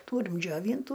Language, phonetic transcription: Lithuanian, ˈtūrim džioˈvyntu

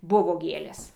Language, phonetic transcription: Lithuanian, ˈbuvo ˈgėlės

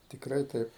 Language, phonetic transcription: Lithuanian, tikˈrai ˈtaip

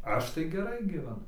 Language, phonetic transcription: Lithuanian, ˈaš tai geˈrai gyveˈnu

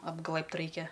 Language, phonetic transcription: Lithuanian, apˈglɘ bt ˈraikia

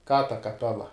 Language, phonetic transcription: Lithuanian, ką ta kaˈpela

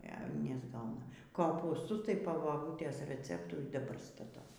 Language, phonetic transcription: Lithuanian, e nesˈgauna kopūsˈtus tai po baˈbūtės reˈceptu y daˈbar staˈtau

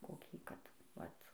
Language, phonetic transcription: Lithuanian, koˈkį ˈkad ˈvat

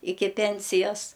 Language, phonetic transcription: Lithuanian, ˈiki ˈpensijas

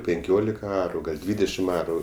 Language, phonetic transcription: Lithuanian, pinˈkiolika ˈaru gal' ˈdvydešim ˈaru

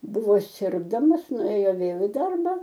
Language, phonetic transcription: Lithuanian, ˈbuvo ˈsirgdamas nuˈėjo ˈvėl i ˈdarba

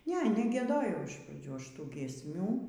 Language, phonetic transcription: Lithuanian, ˈne negieˈdojau iš praˈdžių ˈaš ˈtų giesˈmių

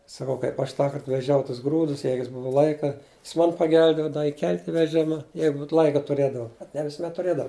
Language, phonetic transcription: Lithuanian, saˈkau kaip aš ˈtąkart veˈžiau tus ˈgrūdus ˈjeigu jis ˈbuvu ˈlaika jis ˈmon paˈgelbėdavo iˈkelt' i veˈžima ˈjeigut ˈlaika tuˈrėdava ne visuˈmet tuˈrėdava

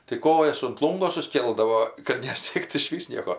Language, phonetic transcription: Lithuanian, tai ˈkojas unt ˈlūngo susˈkėldavo kad neˈsiekt išˈvys ˈnieko

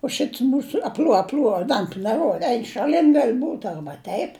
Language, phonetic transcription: Lithuanian, u ˈšits ˈmūsu apˈl'uo apˈl'uo i ˈdantu neˈruoda ˈein šaˈlin gal' būt ˈarba ˈteip

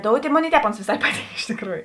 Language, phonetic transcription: Lithuanian, ˈdoutė ˈmoˌnėi i ˈtēp ˈons vėˈsai ˈpaˌtynk iš tikˈrųju

